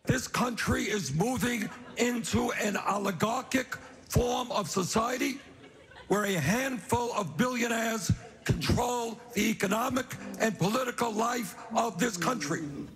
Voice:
with a hoarse voice